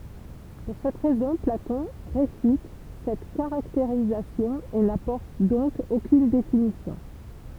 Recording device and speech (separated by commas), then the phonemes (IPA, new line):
temple vibration pickup, read sentence
puʁ sɛt ʁɛzɔ̃ platɔ̃ ʁefyt sɛt kaʁakteʁizasjɔ̃ e napɔʁt dɔ̃k okyn definisjɔ̃